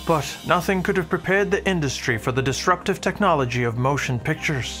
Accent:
Irish accent